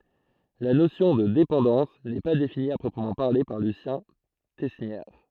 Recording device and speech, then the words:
throat microphone, read sentence
La notion de dépendance n'est pas définie à proprement parler par Lucien Tesnière.

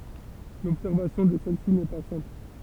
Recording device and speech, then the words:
temple vibration pickup, read sentence
L'observation de celle-ci n'est pas simple.

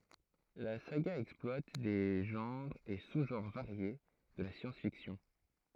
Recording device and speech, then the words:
throat microphone, read sentence
La saga exploite des genres et sous-genres variés de la science-fiction.

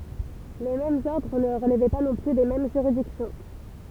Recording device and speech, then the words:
temple vibration pickup, read sentence
Les différents ordres ne relevaient pas non plus des mêmes juridictions.

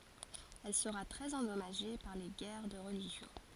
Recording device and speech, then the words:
forehead accelerometer, read sentence
Elle sera très endommagée par les guerres de religion.

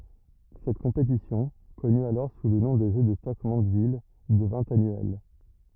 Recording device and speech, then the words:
rigid in-ear microphone, read sentence
Cette compétition, connue alors sous le nom de Jeux de Stoke Mandeville, devint annuelle.

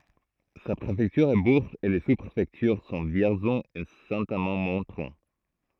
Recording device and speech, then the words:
throat microphone, read sentence
Sa préfecture est Bourges et les sous-préfectures sont Vierzon et Saint-Amand-Montrond.

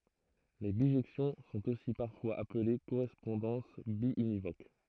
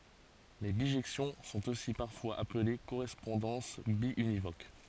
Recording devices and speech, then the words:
throat microphone, forehead accelerometer, read sentence
Les bijections sont aussi parfois appelées correspondances biunivoques.

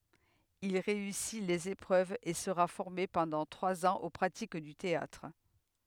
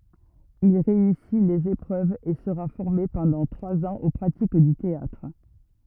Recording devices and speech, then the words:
headset microphone, rigid in-ear microphone, read sentence
Il réussit les épreuves et sera formé pendant trois ans aux pratiques du théâtre.

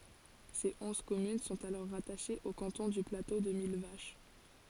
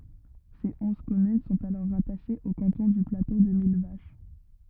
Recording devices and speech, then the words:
forehead accelerometer, rigid in-ear microphone, read sentence
Ses onze communes sont alors rattachées au canton du Plateau de Millevaches.

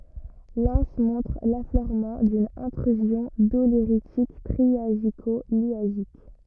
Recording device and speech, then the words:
rigid in-ear microphone, read sentence
L'anse montre l'affleurement d'une Intrusion doléritique triasico-liasique.

